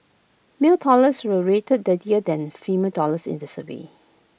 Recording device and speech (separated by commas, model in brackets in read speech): boundary microphone (BM630), read sentence